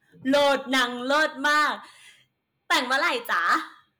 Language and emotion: Thai, happy